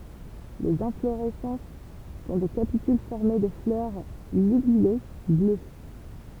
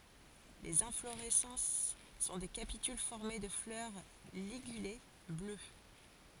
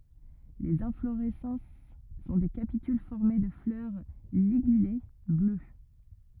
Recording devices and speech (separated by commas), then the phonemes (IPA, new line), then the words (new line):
temple vibration pickup, forehead accelerometer, rigid in-ear microphone, read sentence
lez ɛ̃floʁɛsɑ̃s sɔ̃ de kapityl fɔʁme də flœʁ liɡyle blø
Les inflorescences sont des capitules formées de fleurs ligulées, bleues.